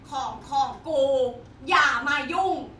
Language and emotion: Thai, angry